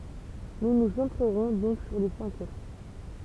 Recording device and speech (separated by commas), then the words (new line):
temple vibration pickup, read sentence
Nous nous centrerons donc sur les cinq autres.